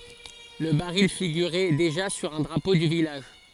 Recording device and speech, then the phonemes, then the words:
forehead accelerometer, read sentence
lə baʁil fiɡyʁɛ deʒa syʁ œ̃ dʁapo dy vilaʒ
Le baril figurait déjà sur un drapeau du village.

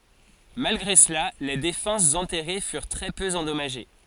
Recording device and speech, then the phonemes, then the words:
forehead accelerometer, read sentence
malɡʁe səla le defɑ̃sz ɑ̃tɛʁe fyʁ tʁɛ pø ɑ̃dɔmaʒe
Malgré cela, les défenses enterrées furent très peu endommagées.

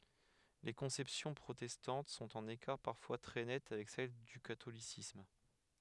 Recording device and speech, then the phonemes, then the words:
headset microphone, read sentence
le kɔ̃sɛpsjɔ̃ pʁotɛstɑ̃t sɔ̃t ɑ̃n ekaʁ paʁfwa tʁɛ nɛt avɛk sɛl dy katolisism
Les conceptions protestantes sont en écart parfois très net avec celle du catholicisme.

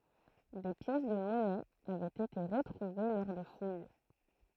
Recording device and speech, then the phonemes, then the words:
throat microphone, read sentence
de pjɛs də mɔnɛz avɛt ete ʁətʁuve lɔʁ də fuj
Des pièces de monnaies avaient été retrouvées lors de fouilles.

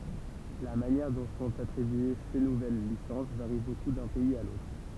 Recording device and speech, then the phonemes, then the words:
temple vibration pickup, read sentence
la manjɛʁ dɔ̃ sɔ̃t atʁibye se nuvɛl lisɑ̃s vaʁi boku dœ̃ pɛiz a lotʁ
La manière dont sont attribuées ces nouvelles licences varie beaucoup d’un pays à l’autre.

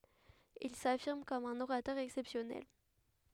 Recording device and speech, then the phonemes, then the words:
headset microphone, read sentence
il safiʁm kɔm œ̃n oʁatœʁ ɛksɛpsjɔnɛl
Il s'affirme comme un orateur exceptionnel.

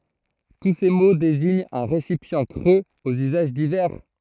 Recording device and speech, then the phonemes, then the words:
throat microphone, read sentence
tu se mo deziɲt œ̃ ʁesipjɑ̃ kʁøz oz yzaʒ divɛʁ
Tous ces mots désignent un récipient creux aux usages divers.

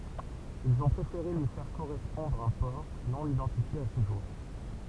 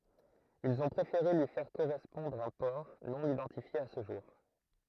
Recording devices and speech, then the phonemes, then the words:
temple vibration pickup, throat microphone, read sentence
ilz ɔ̃ pʁefeʁe lyi fɛʁ koʁɛspɔ̃dʁ œ̃ pɔʁ nonidɑ̃tifje a sə ʒuʁ
Ils ont préféré lui faire correspondre un port, non-identifié à ce jour.

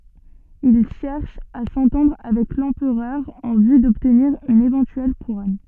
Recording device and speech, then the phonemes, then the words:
soft in-ear microphone, read sentence
il ʃɛʁʃ a sɑ̃tɑ̃dʁ avɛk lɑ̃pʁœʁ ɑ̃ vy dɔbtniʁ yn evɑ̃tyɛl kuʁɔn
Il cherche à s’entendre avec l’empereur en vue d’obtenir une éventuelle couronne.

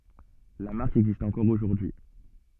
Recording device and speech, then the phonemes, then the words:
soft in-ear microphone, read sentence
la maʁk ɛɡzist ɑ̃kɔʁ oʒuʁdyi
La marque existe encore aujourd'hui.

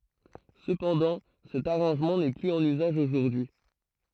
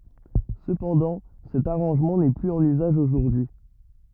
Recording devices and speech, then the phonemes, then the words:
throat microphone, rigid in-ear microphone, read sentence
səpɑ̃dɑ̃ sɛt aʁɑ̃ʒmɑ̃ nɛ plyz ɑ̃n yzaʒ oʒuʁdyi
Cependant, cet arrangement n'est plus en usage aujourd'hui.

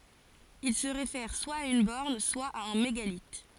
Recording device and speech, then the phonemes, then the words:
forehead accelerometer, read sentence
il sə ʁefɛʁ swa a yn bɔʁn swa a œ̃ meɡalit
Il se réfère soit à une borne, soit à un mégalithe.

